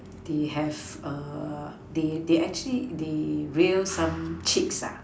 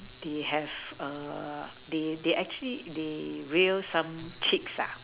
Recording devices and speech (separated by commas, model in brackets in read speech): standing microphone, telephone, conversation in separate rooms